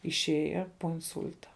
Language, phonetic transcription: Lithuanian, išˈėja po inˈsul'ta

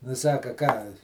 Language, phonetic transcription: Lithuanian, nu ˈsaka ˈką

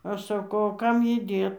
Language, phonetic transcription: Lithuanian, ˈaš saˈkau o ˈkam ˈjį ˈdėt

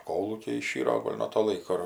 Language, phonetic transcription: Lithuanian, ˈkolūkiai iˈšyro ˈgol' nuo to ˈlaiko ir

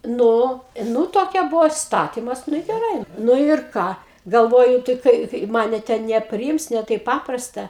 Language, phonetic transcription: Lithuanian, ˈnu ˈnu toˈkia ˈbuvo isˈtatimas ˈnu i geˈrai ˈnu ir ˈką galˈvoju tai ˈkai ˈmane ten nepriˈims ne ˈtaip ˈpaprasta

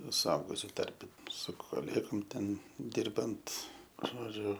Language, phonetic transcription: Lithuanian, suˈaugusiu ˈtarpe su koˈlėgom ˈten ˈdirbant ˈžodžiu

